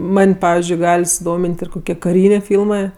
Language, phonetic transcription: Lithuanian, ˈman' ˈpavizdžiui ˈgal' suˈdomin't' ir koˈkie kaˈrynė ˈfylmɜ

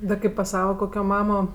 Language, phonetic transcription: Lithuanian, da ˈkaip pas ˈsava ˈkokio ˈmamo

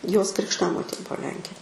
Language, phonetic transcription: Lithuanian, jos krikšˈtamotė ˈbuo ˈlenkė

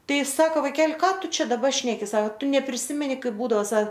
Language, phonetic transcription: Lithuanian, ˈtai ˈsako vaiˈkel' ˈką ˈtu ˈčia daˈba ˈšneki sak ˈtu nepriˈsimeni ˈkaip ˈbūdao ˈsa

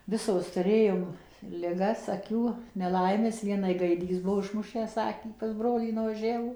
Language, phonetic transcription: Lithuanian, ˈvisos tuˈrėjom liˈgas aˈkių neˈlaimes ˈvienai gaiˈdys ˈbuvo išˈmušęs ˈakį pas ˈbrolį nuvaˈžiavo

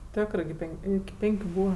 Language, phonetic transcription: Lithuanian, ˈtiokrɜ gi ˈpenk' ˈiki ˈpenkiu ˈbūva

